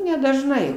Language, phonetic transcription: Lithuanian, nedažˈnai

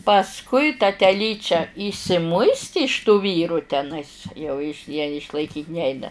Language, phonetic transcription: Lithuanian, pasˈkui ta teˈlyčia yšsiˈmuisti iš tų ˈvyrų teˈnais jau iš ja išlaiˈkyt' ˈneina

